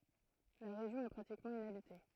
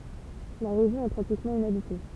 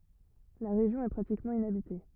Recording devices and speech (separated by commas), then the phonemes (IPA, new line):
throat microphone, temple vibration pickup, rigid in-ear microphone, read sentence
la ʁeʒjɔ̃ ɛ pʁatikmɑ̃ inabite